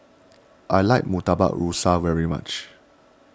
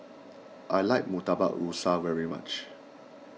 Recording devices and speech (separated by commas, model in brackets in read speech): standing microphone (AKG C214), mobile phone (iPhone 6), read sentence